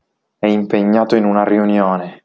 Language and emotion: Italian, angry